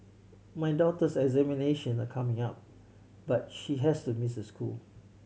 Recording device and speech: mobile phone (Samsung C7100), read sentence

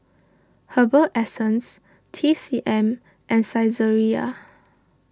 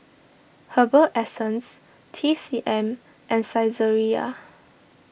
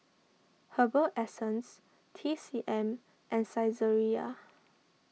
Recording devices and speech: standing microphone (AKG C214), boundary microphone (BM630), mobile phone (iPhone 6), read sentence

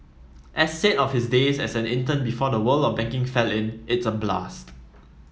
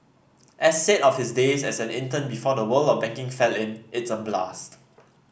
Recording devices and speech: mobile phone (iPhone 7), boundary microphone (BM630), read sentence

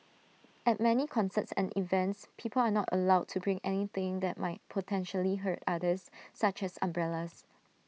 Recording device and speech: mobile phone (iPhone 6), read sentence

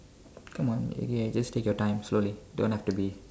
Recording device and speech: standing microphone, conversation in separate rooms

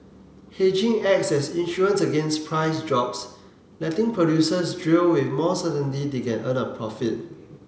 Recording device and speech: mobile phone (Samsung C7), read sentence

